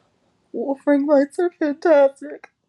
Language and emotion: English, sad